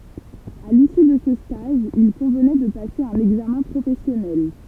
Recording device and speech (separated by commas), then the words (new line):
temple vibration pickup, read sentence
À l'issue de ce stage, il convenait de passer un examen professionnel.